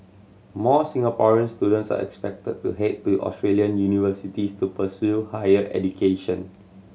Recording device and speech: mobile phone (Samsung C7100), read sentence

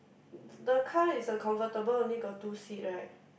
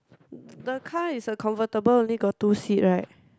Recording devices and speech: boundary microphone, close-talking microphone, conversation in the same room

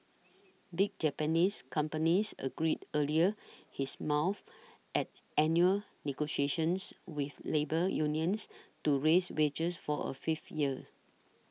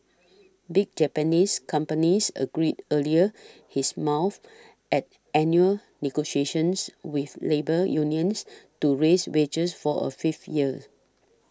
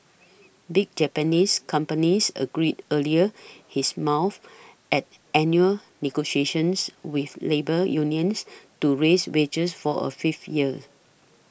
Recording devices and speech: mobile phone (iPhone 6), standing microphone (AKG C214), boundary microphone (BM630), read sentence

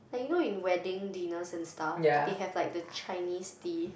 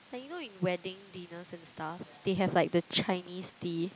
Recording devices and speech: boundary microphone, close-talking microphone, conversation in the same room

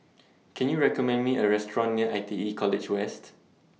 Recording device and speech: mobile phone (iPhone 6), read sentence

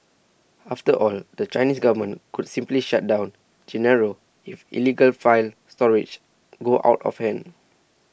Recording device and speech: boundary microphone (BM630), read sentence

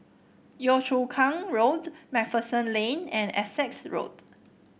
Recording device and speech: boundary microphone (BM630), read sentence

